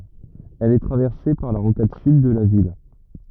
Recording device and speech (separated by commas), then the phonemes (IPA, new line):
rigid in-ear microphone, read sentence
ɛl ɛ tʁavɛʁse paʁ la ʁokad syd də la vil